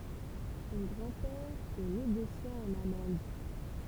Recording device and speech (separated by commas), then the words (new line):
temple vibration pickup, read sentence
Son grand-père est négociant en amandes.